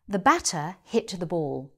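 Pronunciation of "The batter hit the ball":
'The batter hit the ball' is said in a British accent.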